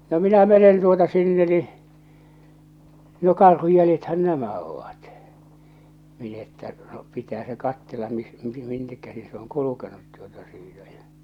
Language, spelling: Finnish, no minä menen tuota sinne niin no karhun jäljethän nämä ovat minä että no pitää se katsella - minne käsi se on kulkenut tuota siitä ja
- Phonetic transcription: no 'minä 'menen 'tuota 'sinne ni , no 'karhuj 'jäljethän "nämä ovat , min ‿että , no , 'pitää se 'kattella mis- , "minnek käsi se oŋ "kulukenut tuota siitä ᴊᴀ̈ .

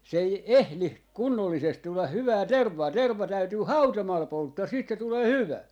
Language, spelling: Finnish, se ei ehdi kunnollisesti tulla hyvää tervaa terva täytyy hautomalla polttaa sitten se tulee hyvä
- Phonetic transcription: se ei "ehli , 'kunnollisest tulla "hyvää "tervvaa "tervva 'täytyy "hautomal 'polttaa 'siit se 'tulee "hyvä .

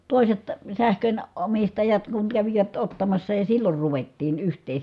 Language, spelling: Finnish, toiset sähkön omistajat kun kävivät ottamassa ja silloin ruvettiin yhteen
- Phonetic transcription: tòiset , sähkön- , -omistajat kuŋ kävivät ottamassa ja sillor ruvettiin yht̀ee .

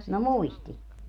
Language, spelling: Finnish, no muisti
- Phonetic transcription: no "muisti .

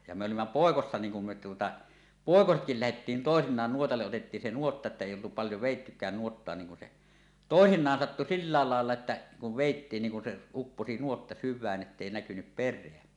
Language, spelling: Finnish, ja me olimme poikasina niin kun me tuota poikasetkin lähdettiin toisinaan nuotalle otettiin se nuotta että ei oltu paljon vedettykään nuottaa niin kun se toisinaan sattui sillä lailla lailla että kun vedettiin niin kun se upposi nuotta syvään että ei näkynyt perää
- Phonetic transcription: ja mᵉ 'olimma "pòekossa niiŋ kum me tuota , "pòekosetkil 'lähettiin "tòesiǹaan 'nuotalleˀ "ˀotettiin se nuotta että èi oltu paljo 'vèittykään nuottoa niŋ kun se , "tòesiǹaan sattu "sillaal 'làella että kuv vèittiin niiŋ kun se , 'upposi "nuotta "syvvään ettèi 'näkynyp "per̆reä .

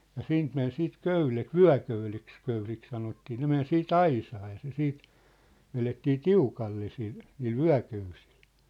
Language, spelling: Finnish, ja siitä meni sitten köydet vyököydeksi - sanottiin ne meni sitten aisaa ja se sitten vedettiin tiukalle sillä niillä vyököysillä
- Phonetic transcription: ja 'siint men siit 'köylet , "vyä̭köyleks '-köylik sanottii ne men 'sii"t ‿aisaa ja se 'siit , 'velettii "tiukalle sil , niil "vyä̭köysɪʟ .

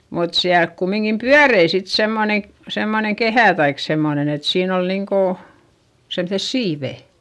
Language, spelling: Finnish, mutta siellä kumminkin pyöri sitten semmoinen semmoinen kehä tai semmoinen että siinä oli niin kuin semmoiset siivet
- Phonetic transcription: mut siälk kummiŋkim pyärei sit semmone , semmoneŋ kehä̀ taik semmonen ‿et siin ‿ol niŋko , semses siivè .

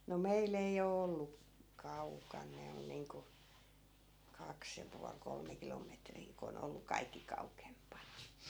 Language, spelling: Finnish, no meillä ei ole ollut kaukana ne on niin kuin kaksi ja puoli kolme kilometriä kun on ollut kaikki kauempana
- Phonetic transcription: no 'meil ‿ei o 'ollu- , "kaukan 'ne on niiŋku , 'kaks ja pual 'kolme kilometrii ko 'on ‿ollu 'kaikki kaukempana .

